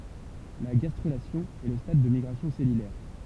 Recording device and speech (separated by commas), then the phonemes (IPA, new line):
temple vibration pickup, read sentence
la ɡastʁylasjɔ̃ ɛ lə stad de miɡʁasjɔ̃ sɛlylɛʁ